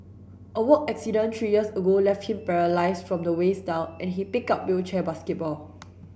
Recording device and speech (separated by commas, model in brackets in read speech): boundary microphone (BM630), read sentence